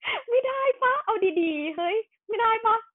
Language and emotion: Thai, happy